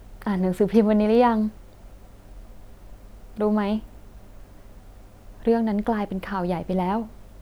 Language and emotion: Thai, neutral